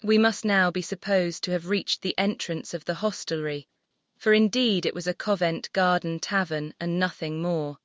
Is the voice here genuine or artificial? artificial